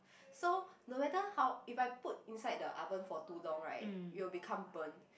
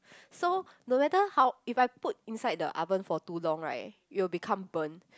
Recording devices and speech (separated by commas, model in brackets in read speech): boundary microphone, close-talking microphone, conversation in the same room